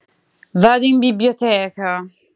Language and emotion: Italian, disgusted